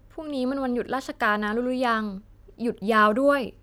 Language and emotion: Thai, neutral